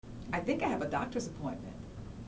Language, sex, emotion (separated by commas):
English, female, neutral